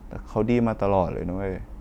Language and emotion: Thai, sad